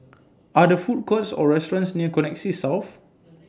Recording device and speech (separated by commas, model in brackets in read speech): standing microphone (AKG C214), read sentence